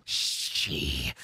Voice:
Evil Voice